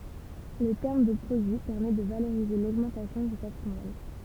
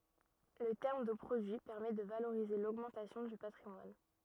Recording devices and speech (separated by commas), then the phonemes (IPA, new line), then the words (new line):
temple vibration pickup, rigid in-ear microphone, read sentence
lə tɛʁm də pʁodyi pɛʁmɛ də valoʁize loɡmɑ̃tasjɔ̃ dy patʁimwan
Le terme de produit permet de valoriser l'augmentation du patrimoine.